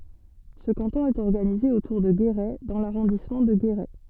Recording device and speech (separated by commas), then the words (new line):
soft in-ear microphone, read sentence
Ce canton est organisé autour de Guéret dans l'arrondissement de Guéret.